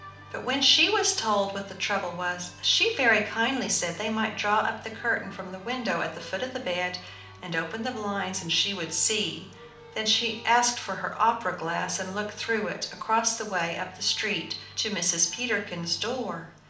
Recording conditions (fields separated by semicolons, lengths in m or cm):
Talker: one person; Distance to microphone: 2.0 m; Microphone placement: close; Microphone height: 99 cm; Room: medium-sized (5.7 m by 4.0 m); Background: music